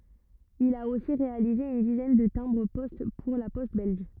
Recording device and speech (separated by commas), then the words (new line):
rigid in-ear microphone, read sentence
Il a aussi réalisé une dizaine de timbres-poste pour La Poste belge.